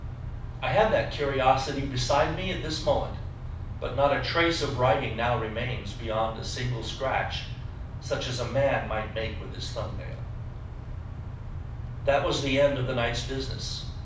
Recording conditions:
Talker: one person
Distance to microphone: 5.8 m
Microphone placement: far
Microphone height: 1.8 m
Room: medium-sized (5.7 m by 4.0 m)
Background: none

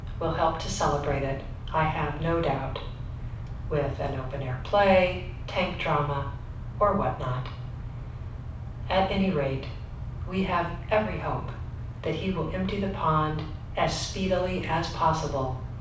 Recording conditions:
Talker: one person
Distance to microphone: 5.8 m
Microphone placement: far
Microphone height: 1.8 m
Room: medium-sized (5.7 m by 4.0 m)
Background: none

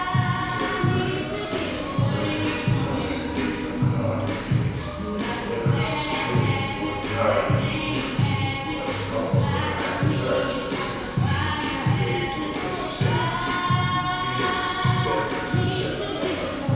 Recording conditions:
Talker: one person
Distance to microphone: 7.1 m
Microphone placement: far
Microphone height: 1.7 m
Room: very reverberant, large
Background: music

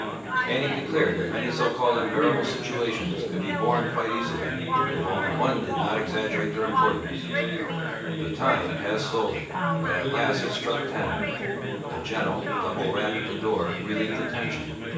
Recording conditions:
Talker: one person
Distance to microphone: 9.8 m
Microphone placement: far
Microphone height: 1.8 m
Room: large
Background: babble

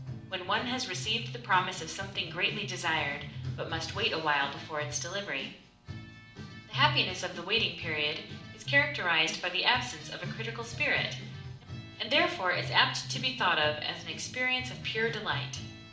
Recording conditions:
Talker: one person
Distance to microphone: 2.0 m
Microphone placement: close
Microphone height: 99 cm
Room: medium-sized (5.7 m by 4.0 m)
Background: music

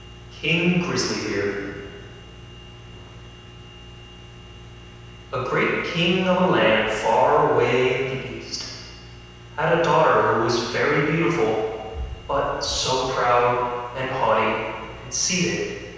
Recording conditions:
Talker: one person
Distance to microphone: 7.1 m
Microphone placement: far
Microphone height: 1.7 m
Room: very reverberant, large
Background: none

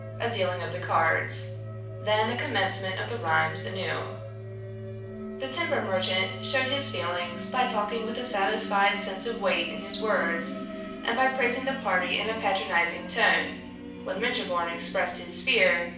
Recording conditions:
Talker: one person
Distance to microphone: 5.8 m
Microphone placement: far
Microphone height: 1.8 m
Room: medium-sized (5.7 m by 4.0 m)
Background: music

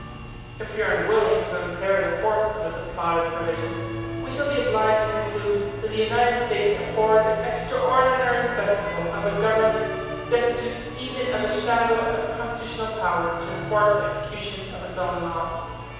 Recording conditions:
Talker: one person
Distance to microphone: 7.1 m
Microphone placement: far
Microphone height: 1.7 m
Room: very reverberant, large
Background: music

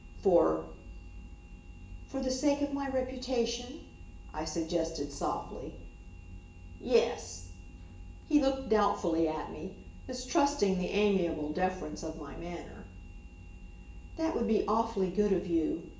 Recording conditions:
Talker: one person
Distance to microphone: 1.8 m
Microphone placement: close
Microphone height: 1.0 m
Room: large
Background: none

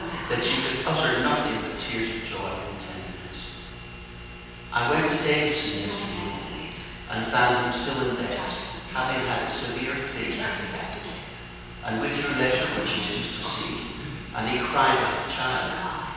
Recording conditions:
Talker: one person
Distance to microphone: 7.1 m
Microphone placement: far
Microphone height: 1.7 m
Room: very reverberant, large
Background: television

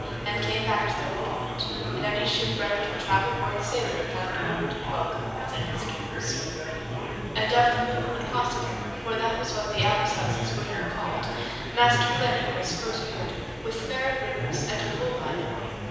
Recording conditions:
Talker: one person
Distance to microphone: 7.1 m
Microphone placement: far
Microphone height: 1.7 m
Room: very reverberant, large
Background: babble

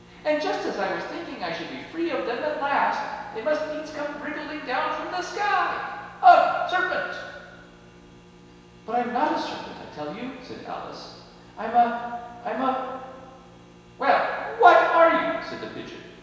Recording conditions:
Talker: one person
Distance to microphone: 1.7 m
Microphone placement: close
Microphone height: 1.0 m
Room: very reverberant, large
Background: none

